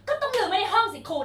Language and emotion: Thai, angry